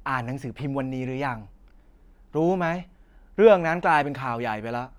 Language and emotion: Thai, frustrated